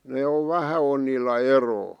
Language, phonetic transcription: Finnish, ne ov "vähä on niillä 'eroo .
- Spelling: ne on vähän on niillä eroa

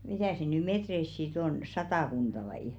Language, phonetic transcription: Finnish, 'mitä̀ sḙ ny "metreis si't ‿on , "satàkunᴅa vai ?
- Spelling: mitä se nyt metreissä sitten on satakunta vai

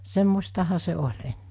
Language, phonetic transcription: Finnish, 'semmostaha se 'oĺ enne .
- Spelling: semmoistahan se oli ennen

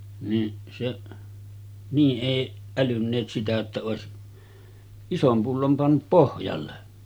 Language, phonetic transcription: Finnish, ni’ , seˀ , nii ’èiˀ , 'älynneet sitä jotta òesi , 'isom 'pullom pannup "pohjalle .
- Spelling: niin se niin ei älynneet sitä jotta olisi ison pullon pannut pohjalle

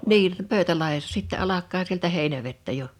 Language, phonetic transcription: Finnish, 'nii , 'Pöy̬̬tälahessa sittɛ 'alak̆kaa sieltä 'Hèinävettä jo .
- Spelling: niin Pöytälahdessa sitten alkaa sieltä Heinävettä jo

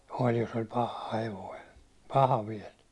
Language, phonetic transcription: Finnish, oĺ jos ‿oĺ "paha 'hevoi , 'paha viɛl .
- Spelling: oli jos oli paha hevonen paha vielä

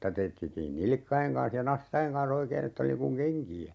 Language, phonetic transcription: Finnish, nⁱta ('teetettiin) "nilⁱkkaiŋ 'kaa̰s ja 'nastaʲeŋ kaa̰"s ‿oikee'n ‿ett ‿oli niŋ kuŋ "keŋki₍ä .
- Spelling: niitä teetettiin nilkkojen kanssa ja nastojen kanssa oikein että oli niin kuin kenkiä

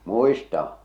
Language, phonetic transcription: Finnish, muistaa̰ .
- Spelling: muistan

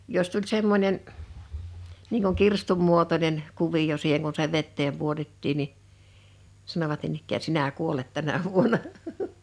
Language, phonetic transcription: Finnish, 'jos tuĺ 'semmońen , niiŋ kuŋ 'kirstum 'muotonen , 'kuviʲo siiheŋ kun se 'vetteem 'puotettiin ni , 'sanovat niin ‿ikkää » 'sinä "kuolet 'tänä vuona « .
- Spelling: jos tuli semmoinen niin kuin kirstun muotoinen kuvio siihen kun se veteen pudotettiin niin sanoivat niin ikään sinä kuolet tänä vuonna

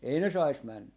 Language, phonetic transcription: Finnish, 'ei ne 'sais 'männä .
- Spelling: ei ne saisi mennä

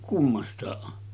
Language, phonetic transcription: Finnish, 'kummast̀àeˀ ˀo .
- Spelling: kummastakin on

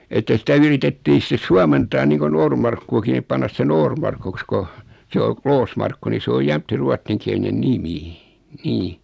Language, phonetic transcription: Finnish, että sitä 'yritettii sⁱtes 'suamentaa niiŋko 'Noormarkkuaki nip 'pannas se "Noormarkuks ko , 'se o , 'Kloosmarkku ni 'se oj 'jäm(t)ti "ruattiŋkiɛlinen 'nimi , 'nii .
- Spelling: että sitä yritettiin sitten suomentaa niin kuin Noormarkkuakin niin panna se Noormarkuksi kun se on Kloosmarkku niin se on jämtti ruotsinkielinen nimi niin

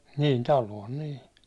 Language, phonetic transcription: Finnish, niin 'taluon nii .
- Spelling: niin taloon niin

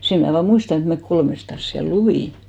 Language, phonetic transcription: Finnish, 'sem mnä̀ vaa 'muistan ‿et mek 'kolmestas siäl "luvìn .
- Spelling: sen minä vain muistan että me kolmestaan siellä luimme

